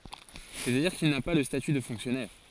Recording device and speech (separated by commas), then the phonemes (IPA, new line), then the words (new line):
forehead accelerometer, read sentence
sɛstadiʁ kil na pa lə staty də fɔ̃ksjɔnɛʁ
C'est-à-dire qu'il n'a pas le statut de fonctionnaire.